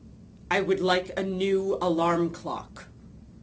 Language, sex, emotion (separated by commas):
English, female, angry